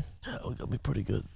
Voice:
Hurt voice